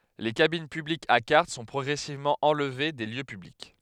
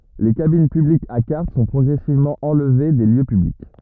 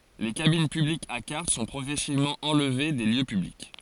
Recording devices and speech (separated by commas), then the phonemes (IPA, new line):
headset microphone, rigid in-ear microphone, forehead accelerometer, read sentence
le kabin pyblikz a kaʁt sɔ̃ pʁɔɡʁɛsivmɑ̃ ɑ̃lve de ljø pyblik